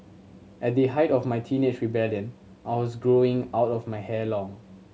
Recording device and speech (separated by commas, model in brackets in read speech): mobile phone (Samsung C7100), read sentence